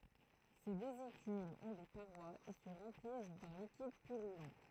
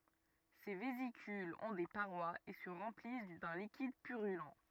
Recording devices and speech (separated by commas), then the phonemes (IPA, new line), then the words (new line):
throat microphone, rigid in-ear microphone, read sentence
se vezikylz ɔ̃ de paʁwaz e sə ʁɑ̃plis dœ̃ likid pyʁylɑ̃
Ces vésicules ont des parois et se remplissent d'un liquide purulent.